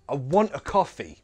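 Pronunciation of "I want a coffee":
'Want' and 'coffee' are stressed, while 'I' and 'a' are weak forms that sound like a schwa. The final vowel of 'coffee' is an ee sound, not a schwa.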